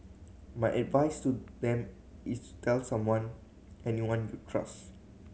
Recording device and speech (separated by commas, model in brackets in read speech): mobile phone (Samsung C7100), read sentence